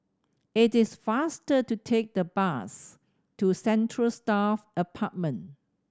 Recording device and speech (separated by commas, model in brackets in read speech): standing microphone (AKG C214), read sentence